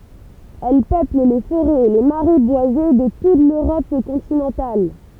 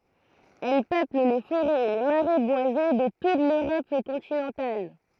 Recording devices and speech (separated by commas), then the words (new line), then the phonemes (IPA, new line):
temple vibration pickup, throat microphone, read sentence
Elle peuple les forêts et les marais boisés de toute l'Europe continentale.
ɛl pøpl le foʁɛz e le maʁɛ bwaze də tut løʁɔp kɔ̃tinɑ̃tal